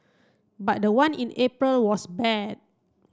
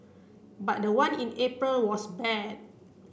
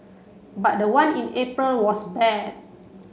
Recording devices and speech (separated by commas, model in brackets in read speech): close-talking microphone (WH30), boundary microphone (BM630), mobile phone (Samsung C7), read sentence